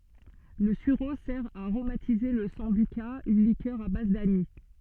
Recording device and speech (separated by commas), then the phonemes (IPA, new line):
soft in-ear microphone, read sentence
lə syʁo sɛʁ a aʁomatize la sɑ̃byka yn likœʁ a baz danis